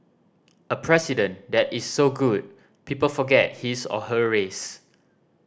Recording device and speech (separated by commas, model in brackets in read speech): standing microphone (AKG C214), read sentence